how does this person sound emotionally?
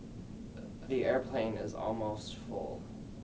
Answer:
neutral